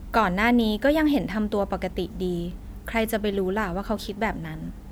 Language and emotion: Thai, neutral